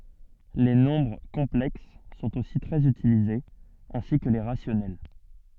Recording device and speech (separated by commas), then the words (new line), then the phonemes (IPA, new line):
soft in-ear microphone, read sentence
Les nombres complexes sont aussi très utilisés, ainsi que les rationnels.
le nɔ̃bʁ kɔ̃plɛks sɔ̃t osi tʁɛz ytilizez ɛ̃si kə le ʁasjɔnɛl